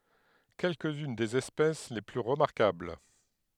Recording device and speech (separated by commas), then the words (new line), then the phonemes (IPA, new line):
headset microphone, read sentence
Quelques-unes des espèces les plus remarquables.
kɛlkəz yn dez ɛspɛs le ply ʁəmaʁkabl